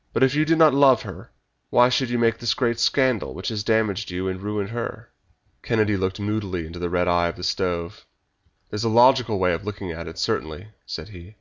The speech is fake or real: real